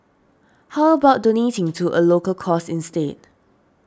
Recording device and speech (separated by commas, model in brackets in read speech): standing microphone (AKG C214), read sentence